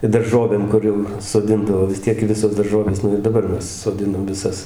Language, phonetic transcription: Lithuanian, i darˈžovėm ˈkur jau soˈdindavo vis ˈtiek ˈvisos darˈžovės ˈnu ir daˈbar ˈmes soˈdinam viˈsas

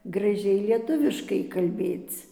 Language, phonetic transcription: Lithuanian, graˈžiai lieˈtuviškai kalˈbėc

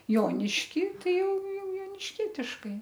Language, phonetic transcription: Lithuanian, ˈjonišky ˈtai ˈjau ˈjau jonišˈkietiškai

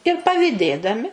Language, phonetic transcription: Lithuanian, ir paviˈdėdami

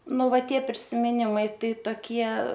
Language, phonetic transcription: Lithuanian, ˈnu ˈva ˈtie prisimiˈnimai ˈtai toˈkie

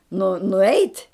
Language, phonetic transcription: Lithuanian, nu nuˈeit'

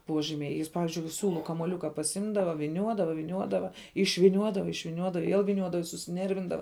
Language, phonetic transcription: Lithuanian, ˈpuožymiai ˈjis ˈpavizdžiui ˈsiūlu kamuoˈliuka pasˈimdava viˈniuodava viˈniuodava išviˈniuodava išviˈniuoda i ˈviel viˈniuodava i susiˈnervindava

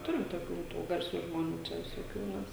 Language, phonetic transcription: Lithuanian, ˈturim toˈkių ˈtų garˈsių žmoˈnių ˈčia visoˈkių ˈmes

